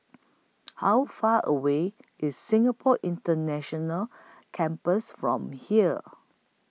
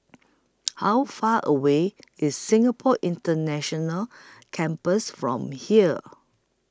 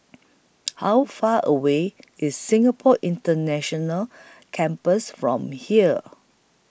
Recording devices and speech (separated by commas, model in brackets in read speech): mobile phone (iPhone 6), close-talking microphone (WH20), boundary microphone (BM630), read sentence